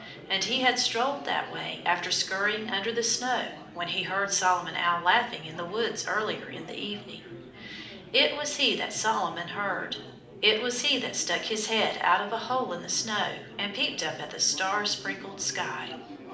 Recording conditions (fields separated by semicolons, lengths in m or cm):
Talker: one person; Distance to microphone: 2.0 m; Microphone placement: close; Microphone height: 99 cm; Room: medium-sized (5.7 m by 4.0 m); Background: babble